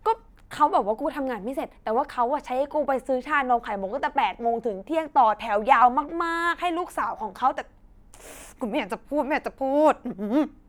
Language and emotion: Thai, frustrated